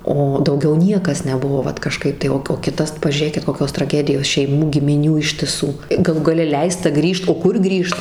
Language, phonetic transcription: Lithuanian, ˈo dauˈgiau ˈniekas neˈbuvo ˈvat kaˈžkaip tai ˈo o ˈkitas pažiūˈrėkit koˈkios traˈgedijos šeiˈmų gimiˈnių ištiˈsų gaˈlų gaˈle ˈleista ˈgrįžt o ˈkur ˈgrįžt

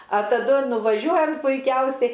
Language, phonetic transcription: Lithuanian, a taˈdu nuvaˈžiuojam puiˈkiausiai

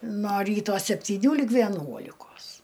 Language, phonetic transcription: Lithuanian, no ˈryto septyˈnių lyg veˈnuolikos

